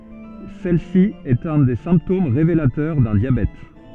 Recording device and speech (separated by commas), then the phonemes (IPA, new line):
soft in-ear microphone, read sentence
sɛl si ɛt œ̃ de sɛ̃ptom ʁevelatœʁ dœ̃ djabɛt